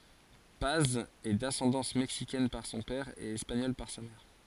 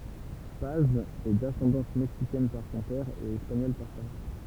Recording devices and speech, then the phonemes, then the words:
forehead accelerometer, temple vibration pickup, read sentence
paz ɛ dasɑ̃dɑ̃s mɛksikɛn paʁ sɔ̃ pɛʁ e ɛspaɲɔl paʁ sa mɛʁ
Paz est d'ascendance mexicaine par son père et espagnole par sa mère.

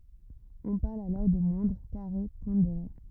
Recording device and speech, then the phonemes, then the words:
rigid in-ear microphone, read sentence
ɔ̃ paʁl alɔʁ də mwɛ̃dʁ kaʁe pɔ̃deʁe
On parle alors de moindres carrés pondérés.

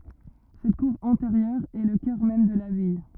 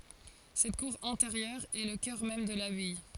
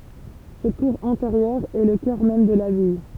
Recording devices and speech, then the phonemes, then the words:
rigid in-ear microphone, forehead accelerometer, temple vibration pickup, read sentence
sɛt kuʁ ɛ̃teʁjœʁ ɛ lə kœʁ mɛm də labaj
Cette cour intérieure est le cœur même de l’abbaye.

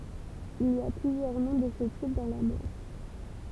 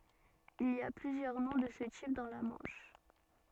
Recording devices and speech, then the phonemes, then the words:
temple vibration pickup, soft in-ear microphone, read sentence
il i a plyzjœʁ nɔ̃ də sə tip dɑ̃ la mɑ̃ʃ
Il y a plusieurs noms de ce type dans la Manche.

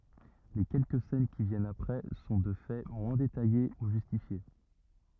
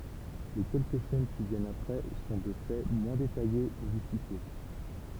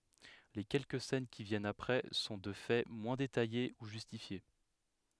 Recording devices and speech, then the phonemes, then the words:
rigid in-ear microphone, temple vibration pickup, headset microphone, read sentence
le kɛlkə sɛn ki vjɛnt apʁɛ sɔ̃ də fɛ mwɛ̃ detaje u ʒystifje
Les quelques scènes qui viennent après sont de fait moins détaillées ou justifiées.

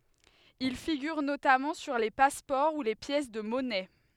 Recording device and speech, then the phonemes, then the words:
headset microphone, read sentence
il fiɡyʁ notamɑ̃ syʁ le paspɔʁ u le pjɛs də mɔnɛ
Il figure notamment sur les passeports ou les pièces de monnaie.

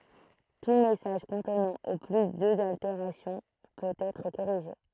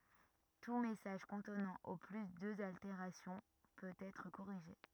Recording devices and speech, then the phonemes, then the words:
throat microphone, rigid in-ear microphone, read sentence
tu mɛsaʒ kɔ̃tnɑ̃ o ply døz alteʁasjɔ̃ pøt ɛtʁ koʁiʒe
Tout message contenant au plus deux altérations peut être corrigé.

